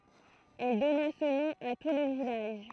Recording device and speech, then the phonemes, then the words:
throat microphone, read sentence
ɛl dɔna sə nɔ̃ a tu lə vilaʒ
Elle donna ce nom à tout le village.

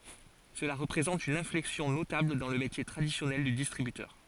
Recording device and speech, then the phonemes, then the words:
forehead accelerometer, read sentence
səla ʁəpʁezɑ̃t yn ɛ̃flɛksjɔ̃ notabl dɑ̃ lə metje tʁadisjɔnɛl dy distʁibytœʁ
Cela représente une inflexion notable dans le métier traditionnel du distributeur.

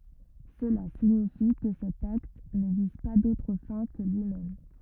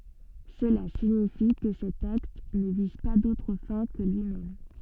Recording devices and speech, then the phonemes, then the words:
rigid in-ear microphone, soft in-ear microphone, read sentence
səla siɲifi kə sɛt akt nə viz pa dotʁ fɛ̃ kə lyimɛm
Cela signifie que cet acte ne vise pas d’autres fins que lui-même.

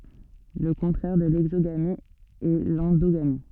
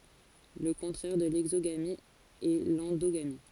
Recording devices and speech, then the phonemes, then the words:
soft in-ear microphone, forehead accelerometer, read sentence
lə kɔ̃tʁɛʁ də lɛɡzoɡami ɛ lɑ̃doɡami
Le contraire de l'exogamie est l'endogamie.

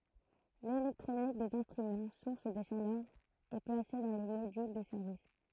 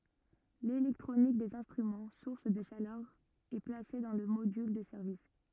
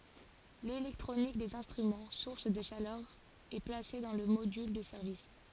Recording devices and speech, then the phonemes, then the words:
throat microphone, rigid in-ear microphone, forehead accelerometer, read sentence
lelɛktʁonik dez ɛ̃stʁymɑ̃ suʁs də ʃalœʁ ɛ plase dɑ̃ lə modyl də sɛʁvis
L'électronique des instruments, source de chaleur, est placée dans le module de service.

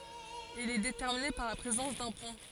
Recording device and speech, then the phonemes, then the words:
forehead accelerometer, read sentence
il ɛ detɛʁmine paʁ la pʁezɑ̃s dœ̃ pɔ̃
Il est déterminé par la présence d'un pont.

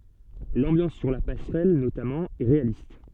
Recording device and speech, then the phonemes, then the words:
soft in-ear microphone, read sentence
lɑ̃bjɑ̃s syʁ la pasʁɛl notamɑ̃ ɛ ʁealist
L'ambiance sur la passerelle, notamment, est réaliste.

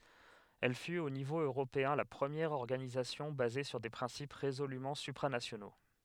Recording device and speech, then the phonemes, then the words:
headset microphone, read sentence
ɛl fyt o nivo øʁopeɛ̃ la pʁəmjɛʁ ɔʁɡanizasjɔ̃ baze syʁ de pʁɛ̃sip ʁezolymɑ̃ sypʁanasjono
Elle fut au niveau européen la première organisation basée sur des principes résolument supranationaux.

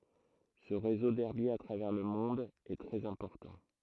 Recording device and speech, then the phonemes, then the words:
throat microphone, read sentence
sə ʁezo dɛʁbjez a tʁavɛʁ lə mɔ̃d ɛ tʁɛz ɛ̃pɔʁtɑ̃
Ce réseau d'herbiers à travers le monde est très important.

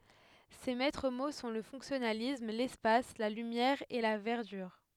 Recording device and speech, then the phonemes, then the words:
headset microphone, read sentence
se mɛtʁ mo sɔ̃ lə fɔ̃ksjɔnalism lɛspas la lymjɛʁ e la vɛʁdyʁ
Ses maîtres mots sont le fonctionnalisme, l'espace, la lumière et la verdure.

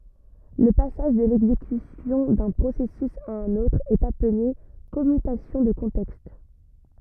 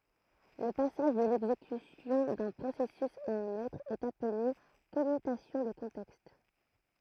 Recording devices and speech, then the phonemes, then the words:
rigid in-ear microphone, throat microphone, read sentence
lə pasaʒ də lɛɡzekysjɔ̃ dœ̃ pʁosɛsys a œ̃n otʁ ɛt aple kɔmytasjɔ̃ də kɔ̃tɛkst
Le passage de l’exécution d’un processus à un autre est appelé commutation de contexte.

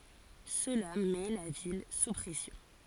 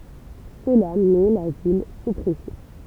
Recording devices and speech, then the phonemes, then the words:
forehead accelerometer, temple vibration pickup, read sentence
səla mɛ la vil su pʁɛsjɔ̃
Cela met la ville sous pression.

